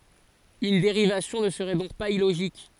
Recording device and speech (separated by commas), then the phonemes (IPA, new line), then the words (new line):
forehead accelerometer, read sentence
yn deʁivasjɔ̃ nə səʁɛ dɔ̃k paz iloʒik
Une dérivation ne serait donc pas illogique.